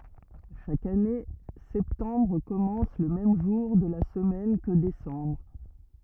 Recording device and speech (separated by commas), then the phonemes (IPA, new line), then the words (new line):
rigid in-ear microphone, read sentence
ʃak ane sɛptɑ̃bʁ kɔmɑ̃s lə mɛm ʒuʁ də la səmɛn kə desɑ̃bʁ
Chaque année, septembre commence le même jour de la semaine que décembre.